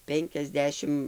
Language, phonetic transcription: Lithuanian, ˈpenkiasˌdešimt

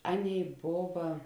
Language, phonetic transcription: Lithuanian, ˈaˌnėi ˈbova

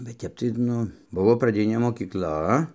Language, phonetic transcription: Lithuanian, bet ˈtep tai ˈnu ˈbuvo praˈdinė mokykˈla

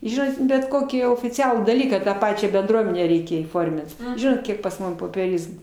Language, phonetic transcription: Lithuanian, ˈžinot bet ˈkokį ofiˈcialų daˈlyką tą ˈpačią benˈdruomenę ˈreikia įˈformint ˈžinot ˈkiek pas ˈmum popieˈrizmų

